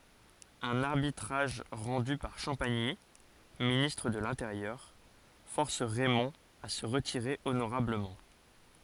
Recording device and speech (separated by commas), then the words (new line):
forehead accelerometer, read sentence
Un arbitrage rendu par Champagny, ministre de l'Intérieur, force Raymond à se retirer honorablement.